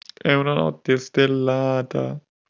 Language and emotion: Italian, sad